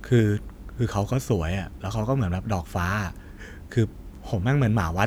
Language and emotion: Thai, frustrated